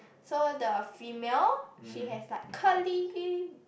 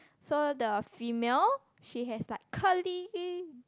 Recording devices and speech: boundary microphone, close-talking microphone, conversation in the same room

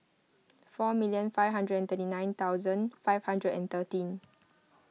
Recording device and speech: mobile phone (iPhone 6), read sentence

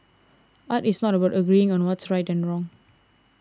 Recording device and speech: standing microphone (AKG C214), read sentence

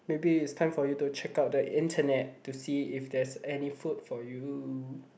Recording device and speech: boundary microphone, conversation in the same room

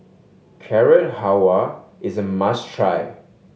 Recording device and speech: mobile phone (Samsung S8), read sentence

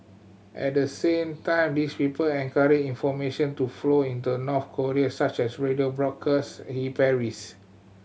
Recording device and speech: mobile phone (Samsung C7100), read sentence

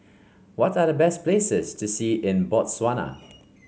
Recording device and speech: mobile phone (Samsung C5), read sentence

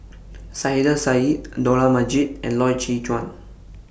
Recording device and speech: boundary microphone (BM630), read sentence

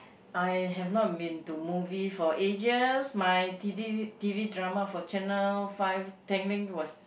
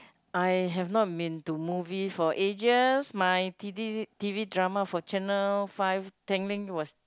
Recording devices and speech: boundary microphone, close-talking microphone, conversation in the same room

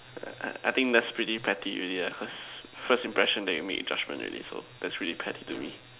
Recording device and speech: telephone, conversation in separate rooms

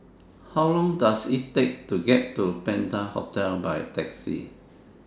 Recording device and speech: standing microphone (AKG C214), read sentence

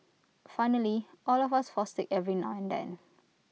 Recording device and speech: mobile phone (iPhone 6), read sentence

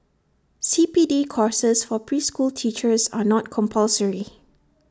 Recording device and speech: standing microphone (AKG C214), read sentence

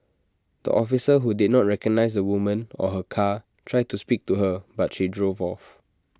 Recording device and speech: standing microphone (AKG C214), read sentence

